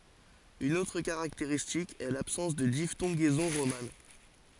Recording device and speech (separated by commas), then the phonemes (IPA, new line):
forehead accelerometer, read sentence
yn otʁ kaʁakteʁistik ɛ labsɑ̃s də diftɔ̃ɡɛzɔ̃ ʁoman